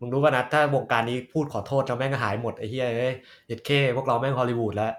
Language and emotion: Thai, frustrated